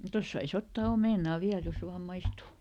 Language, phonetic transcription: Finnish, ˈtos sai"s ‿ottaa ˈomènà ˈviäl ˈjos ˈvaam "maistù !
- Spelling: tuosta saisi ottaa omenan vielä jos vain maistuu

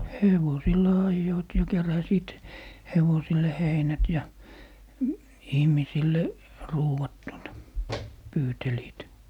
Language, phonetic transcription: Finnish, "hevosilla 'ajjoit ja 'keräsiit , 'hevosille "heinät ja , 'ihmisille , "ruuʷat tuota , 'pyyteliit .
- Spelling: hevosilla ajoivat ja keräsivät hevosille heinät ja ihmisille ruuat tuota pyytelivät

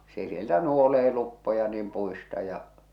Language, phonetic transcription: Finnish, se sieltä 'nuolee luppoja niim 'puista ja ,.
- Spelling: se sieltä nuolee luppoja niin puista ja

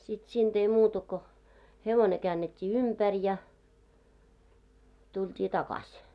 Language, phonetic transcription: Finnish, no sit 'siinᴅ ‿ei 'muuta ko , 'hevone käännet́t́ii "umpär ja , 'tult́ii "takaś .
- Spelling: no sitten siinä ei muuta kuin hevonen käännettiin ympäri ja tultiin takaisin

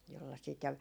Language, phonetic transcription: Finnish, jolla sit ja ,.
- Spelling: jolla sitä ja

